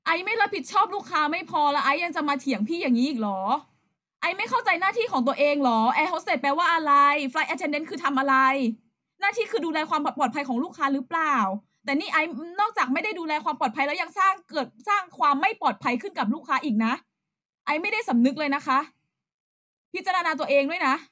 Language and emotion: Thai, angry